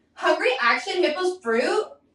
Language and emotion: English, disgusted